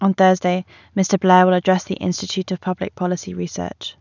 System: none